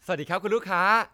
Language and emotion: Thai, happy